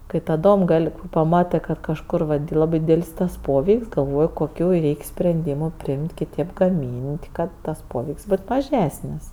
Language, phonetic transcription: Lithuanian, kai taˈdom ˈgal' paˈmatɜ kad kažˈkur ˈlabɜ ˈdydel's' tas ˈpoveik's' galˈvoj koˈkių ˈreik' sprenˈdymu ˈpriimt' kiˈtėp gaˈmyn't' ˈkad ˈtas ˈpoveik's' ˈbot maˈžesnis

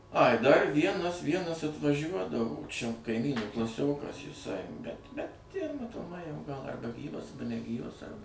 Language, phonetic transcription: Lithuanian, ai dar ˈvienas ˈvienas atvaˈžiuodavo čia kaiˈmynų klaˈsiokas jiˈsai bet ˈbet ˈjie matoˈmai jau gal arˈba ˈgyvas arˈba neˈgyvas ˈarba

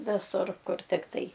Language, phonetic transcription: Lithuanian, ˈvisur ˈkur ˈtiktai

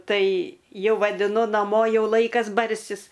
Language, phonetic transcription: Lithuanian, ˈtai ˈjau vadiˈnu naˈmo ˈjau ˈlaikas ˈbarsis

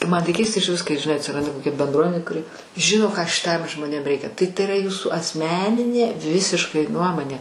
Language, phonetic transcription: Lithuanian, ˈman tai ˈkeista išˈvis kai žiˈnai atsiˈranda koˈkia benˈdruomenė kuˈri ˈžino ką šiˈtam žmoˈnėm ˈreikia tai tai yˈra ˈjūsų asˈmeninė ˈvisiškai ˈnuomonė

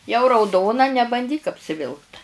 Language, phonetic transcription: Lithuanian, jau rauˈdona nebanˈdyk apsiˈvilkt

